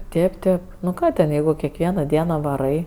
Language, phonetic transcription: Lithuanian, ˈtėp ˈtėp nu ˈką ten ˈjeigu kekˈviena ˈdiena vaˈrai

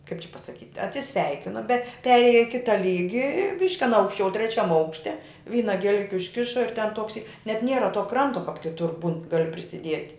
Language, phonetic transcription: Lithuanian, kaip čia pasaˈkyt' atsiˈsveikino be ˈperėja i ˈkita ˈlygi ir ˈbiški aˈna aukšˈčiau treˈčiam ˈaukšte ˈvyna gieˈliki užˈkiša ir ten ˈtoks y net ˈniera to ˈkranto kap kiˈtur būn ˈgali prisiˈdiet'

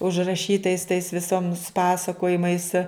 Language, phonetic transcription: Lithuanian, užraˈšytais tais viˈsoms ˈpasakojimais

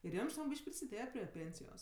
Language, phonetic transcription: Lithuanian, ir ˈjam žiˈnok ˈbyš'k' prisiˈdėje prie ˈpėnsijos

